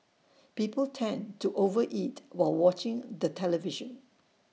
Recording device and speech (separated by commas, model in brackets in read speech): mobile phone (iPhone 6), read sentence